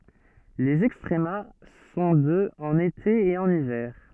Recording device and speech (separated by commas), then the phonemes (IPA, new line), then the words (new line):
soft in-ear microphone, read sentence
lez ɛkstʁəma sɔ̃ də ɑ̃n ete e ɑ̃n ivɛʁ
Les extrema sont de en été et en hiver.